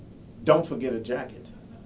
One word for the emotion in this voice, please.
neutral